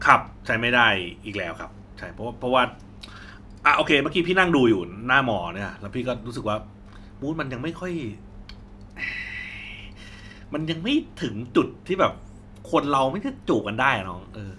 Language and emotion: Thai, frustrated